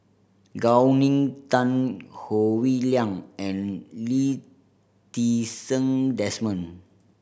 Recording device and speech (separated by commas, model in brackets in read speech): boundary microphone (BM630), read sentence